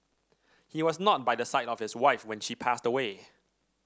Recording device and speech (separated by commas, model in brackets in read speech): standing microphone (AKG C214), read sentence